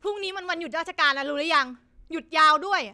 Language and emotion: Thai, angry